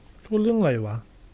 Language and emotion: Thai, neutral